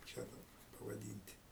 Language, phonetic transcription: Lithuanian, kaip ˈčia daˈbar pavaˈdynt'

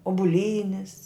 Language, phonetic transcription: Lithuanian, ubuˈlynis

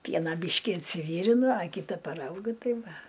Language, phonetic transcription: Lithuanian, ˈpiena ˈbyški insiˈvyrinu a ˈkyta paˈraugiu ˈtai ˈva

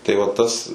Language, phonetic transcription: Lithuanian, tai va ˈtas

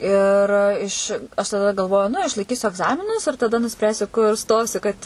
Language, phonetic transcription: Lithuanian, ir ˈiš aš taˈda galˈvoju nu išlaiˈkysiu agˈzaminus ir taˈda nuˈspręsiu kur ˈstosiu kad

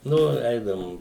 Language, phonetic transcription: Lithuanian, ˈnu ˈeidavum

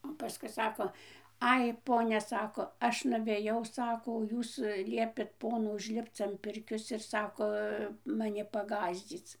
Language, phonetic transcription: Lithuanian, o paˈskui ˈsako ˈai ˈponia ˈsako ˈaš nuveˈjau ˈsako o ˈjūs ˈliepėt ˈponu užˈlipc am ˈpirkios ir ˈsako maˈni paˈgąsdzyc

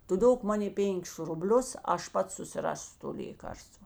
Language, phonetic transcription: Lithuanian, ˈtu ˈdok ˈmanė ˈpėnkis ruˈblius ˈaš ˈpats susiˈrasiu to ˈlėkarstva

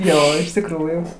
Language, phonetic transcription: Lithuanian, ˈjo iš tikˈrųjų

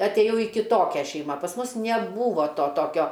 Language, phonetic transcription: Lithuanian, atˈėjau į kiˈtokią ˈšeima pas ˈmus neˈbūvo ˈto ˈtokio

